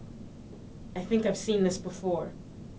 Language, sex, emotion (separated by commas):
English, female, fearful